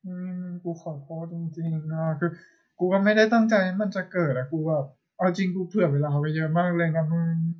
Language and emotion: Thai, sad